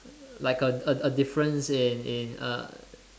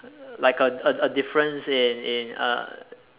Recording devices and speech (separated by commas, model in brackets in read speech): standing microphone, telephone, conversation in separate rooms